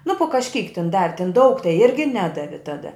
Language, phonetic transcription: Lithuanian, nu pu kažˈkyk tin ˈdavi tin daug tai ˈirgi ˈnedavi ˈtada

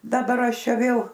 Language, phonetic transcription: Lithuanian, daˈbar ˈaš ˈčia ˈvėl

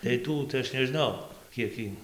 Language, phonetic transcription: Lithuanian, tai ˈtų tai ˈaš neˈžnau ˈkiek y

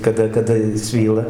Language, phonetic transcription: Lithuanian, kaˈda kaˈda jis ˈsvyla

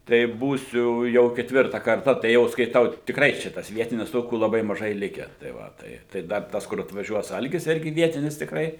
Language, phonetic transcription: Lithuanian, tai ˈbūsiu jau ketˈvirta karˈta tai ˈjau skaiˈtau tikˈrai ˈčia tas ˈvietinis ˈtokių laˈbai maˈžai ˈlikę tai ˈva ˈtai tai ˈdar ˈtas kur atvaˈžiuos ˈalgis ˈirgi ˈvietinis tikˈrai

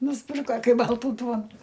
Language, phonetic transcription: Lithuanian, nusˈpirka ˈkai ˈbaltų ˈduonų

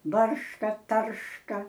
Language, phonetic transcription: Lithuanian, ˈbarška ˈtarška

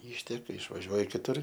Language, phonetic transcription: Lithuanian, ˈyšteka išvaˈžiuoj kiˈtur

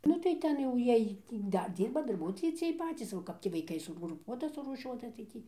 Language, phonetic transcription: Lithuanian, ˈnu tai ˈten jau ˈjiej tį ˈdar ˈdyrba darˈbuotojai ciej ˈpacys o ˈkap tį vaiˈkai sugruˈpuota surūˈšiuota tai ˈtį

